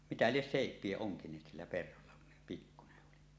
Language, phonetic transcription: Finnish, mitä lies 'sèip̆pie 'oŋkiǹeet sillä perholla kun se pikkune’ ’oli .
- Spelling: mitä lie seipiä onkineet sillä perholla kun se pikkuinen oli

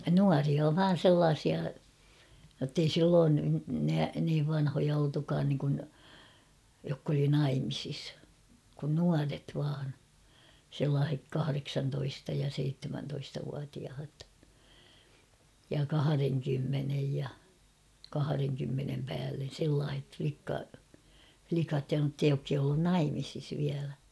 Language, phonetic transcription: Finnish, nuaria "vaan̬ 'sellaasia , jottei 'silloon nä- niiv vanhoja oltukaan niŋkun , jokk ‿oli "naimisis , kun 'nuaret vaan , sellaah̬ek 'kahareksantoista ja 'seittemäntoistavuatiahat , ja 'kahareŋkymmenej ja , 'kahareŋkymmenem 'päällen̬ sellaah̬et flikka- , 'flikat ja (notta) 'jokk ‿ei ollun "naimisis viälä .
- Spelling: nuoria vain sellaisia jotta ei silloin - niin vanhoja oltukaan niin kuin jotka oli naimisissa kun nuoret vain sellaiset kahdeksantoista ja seitsemäntoistavuotiaat ja kahdenkymmenen ja kahdenkymmenen päälle sellaiset - likat ja jotta jotka ei ollut naimisissa vielä

